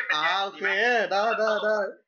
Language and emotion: Thai, happy